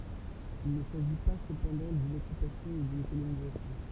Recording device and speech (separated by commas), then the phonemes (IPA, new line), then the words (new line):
temple vibration pickup, read sentence
il nə saʒi pa səpɑ̃dɑ̃ dyn ɔkypasjɔ̃ u dyn kolonizasjɔ̃
Il ne s'agit pas cependant d'une occupation ou d'une colonisation.